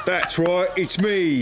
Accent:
Cockney accent